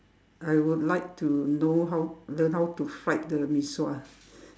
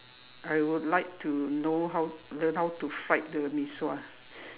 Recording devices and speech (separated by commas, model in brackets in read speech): standing microphone, telephone, conversation in separate rooms